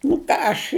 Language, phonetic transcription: Lithuanian, nu ˈką aš

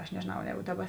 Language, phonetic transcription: Lithuanian, aš nežėˈnau ˈjēgu ˈdaˌba

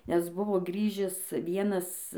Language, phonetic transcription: Lithuanian, ˈnes ˈbuvo ˈgrįžis ˈvienas

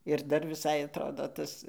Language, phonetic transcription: Lithuanian, ir ˈdar viˈsai atˈrodo ˈtas

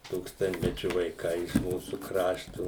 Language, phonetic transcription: Lithuanian, ˈtūkstantmečiu vaiˈkai iš ˈmūsų ˈkraštu

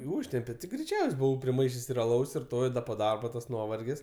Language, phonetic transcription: Lithuanian, i ˈūžtempe ti greiˈčiaus' ˈbuvau priˈmaišės' ir aˈlaus ir ˈto ir ˈda po ˈdarbo tas ˈnuovargis

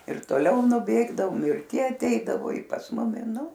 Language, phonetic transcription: Lithuanian, ir toˈliau nuˈbėgdavom ir ˈtie aˈteidavo i pas ˈmumi ˈnu

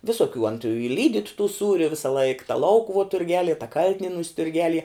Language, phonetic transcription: Lithuanian, visoˈkių an tu i ˈlydyt tų ˈsūriu visaˈlaik ta ˈlaukuvuo turˈgelie ta ˈkal'tinienūs turˈgelie

